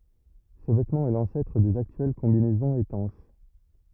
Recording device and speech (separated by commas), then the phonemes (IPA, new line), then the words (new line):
rigid in-ear microphone, read sentence
sə vɛtmɑ̃ ɛ lɑ̃sɛtʁ dez aktyɛl kɔ̃binɛzɔ̃z etɑ̃ʃ
Ce vêtement est l'ancêtre des actuelles combinaisons étanches.